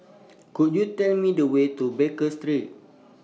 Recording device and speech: mobile phone (iPhone 6), read sentence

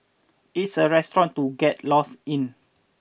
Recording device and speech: boundary microphone (BM630), read sentence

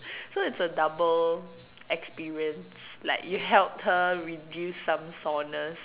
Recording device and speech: telephone, conversation in separate rooms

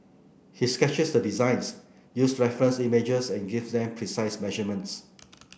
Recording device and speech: boundary microphone (BM630), read sentence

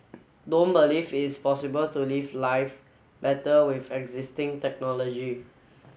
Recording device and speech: mobile phone (Samsung S8), read sentence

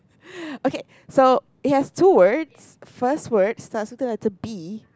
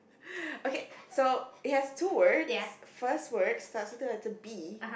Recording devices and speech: close-talking microphone, boundary microphone, conversation in the same room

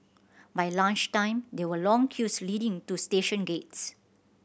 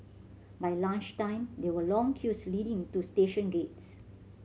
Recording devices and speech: boundary microphone (BM630), mobile phone (Samsung C7100), read sentence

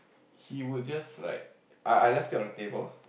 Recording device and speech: boundary microphone, conversation in the same room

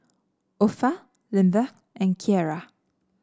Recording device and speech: standing microphone (AKG C214), read sentence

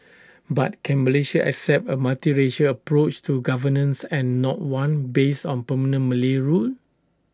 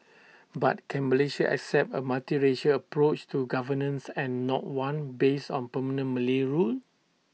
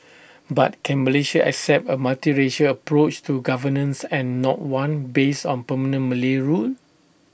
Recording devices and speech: standing microphone (AKG C214), mobile phone (iPhone 6), boundary microphone (BM630), read sentence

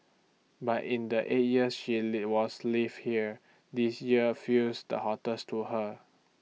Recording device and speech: mobile phone (iPhone 6), read sentence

